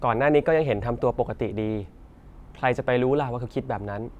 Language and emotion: Thai, neutral